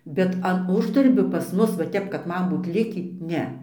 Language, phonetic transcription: Lithuanian, ˈbet an ˈuždarbio pas ˈmus va ˈtep kad ˈman ˈbūt ˈlikį ˈne

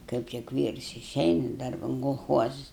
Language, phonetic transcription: Lithuanian, ˈkaip tik ˈvyrs iˈšeina ˈdarban kolˈchuozus

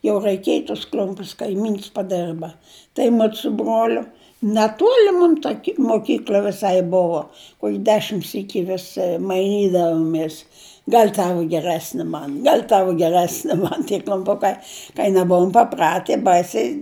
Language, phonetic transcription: Lithuanian, jau raiˈkėj tus ˈkl'umpius kaiˈmyns paˈderba tai ˈmud su ˈbroliu neˈtuoli ˈmum ta ki moˈkykl'a viˈsai ˈbuvo ˈkuok' ˈdešim ˈsyki vis maiˈnydavomės ˈgal' ˈtavu geˈresni ˈman ˈgal' ˈtavu geˈresni ˈman tie kl'umˈpukai kai neˈbuum paˈprati ˈbaisiai

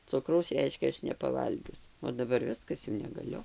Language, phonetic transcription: Lithuanian, ˈcukraus ˈreiškia ˈaš nepaˈvalgius o daˈbar ˈviskas jau negaˈliu

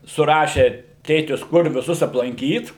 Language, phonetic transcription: Lithuanian, suˈrašė ˈtėtis ˈkur viˈsus aplanˈkyt

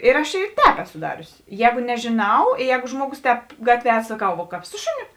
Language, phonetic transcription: Lithuanian, ir aš i ˈtēp ˈeˌsu ˈdariusi ˈjēgu nežėˈnau i ˈjēgu ˈžmuoˌgus ˈtēp ˈgatvie a saˈkau ˈvo kāp ˈsu šuˌniu

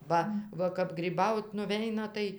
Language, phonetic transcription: Lithuanian, ˈba va kap gryˈbaut nuˈveina ˈtai

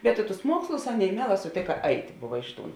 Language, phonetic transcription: Lithuanian, bet i tus ˈmuokslus ˈaˌnėi ˈmieˌlā suˈtėka ˈait' ˈbuva ˈiš ˌtūn

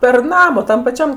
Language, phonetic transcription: Lithuanian, per ˈnama ˈtam paˈčiam

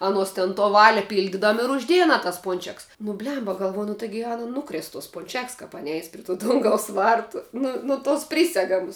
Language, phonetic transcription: Lithuanian, aˈnuos tin to ˈvali ˈpyldidam ir užˈdėja aˈna tas ˈpunčeks nu ˈblemba galˈvoju nu ˈtaigi ˈana nuˈkrės tos punˈčeks ˈkap ˈani ˈeis pri tų ˈdungaus ˈvartu ˈnu nu tos ˈprysegamus

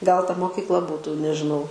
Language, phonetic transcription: Lithuanian, gal ta mokykˈla ˈbūtų nežiˈnau

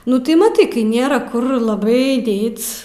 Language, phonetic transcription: Lithuanian, ˈnu tai maˈtai kai ˈnėra ˈkur laˈbai ˈdėt's'

